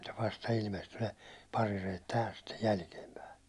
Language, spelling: Finnish, vasta ilmestyi ne parireet tähän sitten jälkeenpäin
- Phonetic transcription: vasta 'ilmestyy ne , 'parirejet tähäs stej 'jälkiempäi .

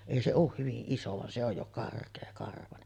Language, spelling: Finnish, ei se ole hyvin iso vaan se on jo karkeakarvainen
- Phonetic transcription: 'èi se òuh 'hyvi’ ’iso van se ‿oj jo 'kark̀eekarvanen .

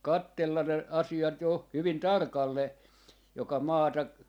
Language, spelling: Finnish, katsella ne asiat jo hyvin tarkalleen joka maata
- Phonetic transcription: "kattellan ne , 'asi₍at 'jo , 'hyvin "tarkallee , joka 'maata , .

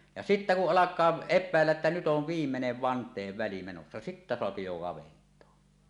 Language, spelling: Finnish, ja sitten kun alkaa epäillä että nyt on viimeinen vanteenväli menossa sitten saa jo kaventaa
- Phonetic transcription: ja 'sittä kuˀ "ˀalak̆kaa , 'eppä̀elläˀ ˀettä 'nyt "ov "viimmenev vant̆teevväli menossa , 'sittä soapi jo 'kavent̀oa .

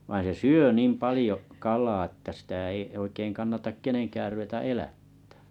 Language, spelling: Finnish, vaan se syö niin paljon kalaa että sitä ei oikein kannata kenenkään ruveta elättämään
- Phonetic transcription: vain̬ se "syö 'nìm 'palĭjo’ , 'kalaa ettᵃ̈ sⁱtä ei oikeiŋ 'kannatak "keneŋkäär ruweta elättᴀ̈ᴀ̈ .

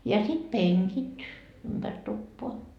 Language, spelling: Finnish, ja sitten penkit ympäri tupaa
- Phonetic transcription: ja sit "peŋkit , ympär 'tuppoa .

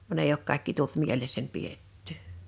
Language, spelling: Finnish, vaan ei ole kaikki tullut mielessäni pidettyä
- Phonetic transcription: van èi ‿ok 'kàekki tult 'mielessäń 'piettʏ̀ .

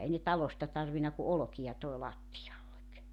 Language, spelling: Finnish, ei ne talosta tarvinnut kuin olkia toi lattialle
- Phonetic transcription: 'ei ne "talosta 'tarvina ku "olᵒkija 'toi 'lattijallek .

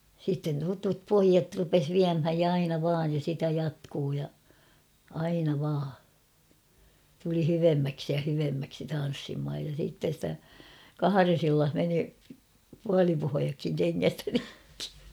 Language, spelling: Finnish, sitten tutut pojat rupesi viemään ja aina vain ja sitä jatkui ja aina vain tuli hyvemmäksi ja hyvemmäksi tanssimaan ja sitten sitä kahdessa illassa meni puolipohjatkin kengästä rikki
- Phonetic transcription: sitten tutup 'poijat rupes "viämhäj ja 'aina vaaj ja sitä 'jatkuu ja , aina vaa , tuli 'hyvemmäksi ja 'hyvemmäksi 'tan̬ssimhaj ja siitten̬ stä , "kahares ‿illah meni , 'pualipohojakkiŋ keŋŋ(ästä) rikkɪ .

